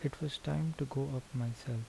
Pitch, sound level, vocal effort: 135 Hz, 74 dB SPL, soft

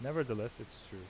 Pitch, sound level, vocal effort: 110 Hz, 83 dB SPL, normal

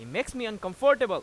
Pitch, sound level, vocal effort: 225 Hz, 98 dB SPL, loud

